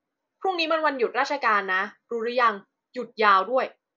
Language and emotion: Thai, neutral